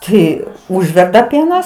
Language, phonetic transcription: Lithuanian, ˈtai ˈužverda ˈpienas

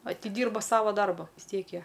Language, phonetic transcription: Lithuanian, atiˈdyrba ˈsava ˈdarba vis ˈtiek ˈjie

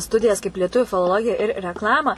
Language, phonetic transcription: Lithuanian, ˈstudijas kaip lieˈtuvių filoˈlogija ir rekˈlama

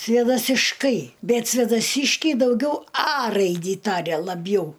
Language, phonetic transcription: Lithuanian, svėdasišˈkai ˈbet svėdaˈsiškiai dauˈgiau a ˈraidį ˈtaria laˈbjau

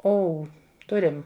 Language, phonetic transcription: Lithuanian, ˈou ˈturim

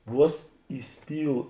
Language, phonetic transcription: Lithuanian, ˈvuos įˈspyl

